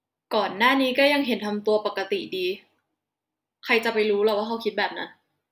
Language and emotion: Thai, frustrated